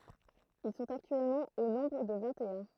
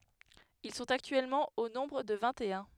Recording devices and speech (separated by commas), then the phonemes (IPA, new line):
throat microphone, headset microphone, read sentence
il sɔ̃t aktyɛlmɑ̃ o nɔ̃bʁ də vɛ̃ttœ̃